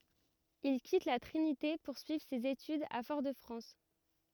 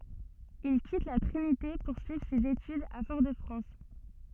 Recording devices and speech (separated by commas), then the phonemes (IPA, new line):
rigid in-ear microphone, soft in-ear microphone, read sentence
il kit la tʁinite puʁ syivʁ sez etydz a fɔʁ də fʁɑ̃s